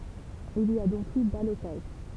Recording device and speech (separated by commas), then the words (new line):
temple vibration pickup, read sentence
Il y a donc eu ballotage.